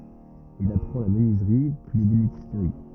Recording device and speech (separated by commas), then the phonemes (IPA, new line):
rigid in-ear microphone, read sentence
il apʁɑ̃ la mənyizʁi pyi lebenistʁi